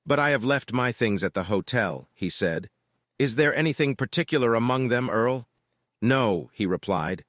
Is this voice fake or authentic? fake